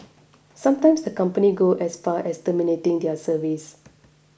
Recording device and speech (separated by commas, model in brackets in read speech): boundary microphone (BM630), read sentence